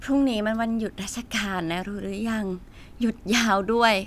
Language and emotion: Thai, happy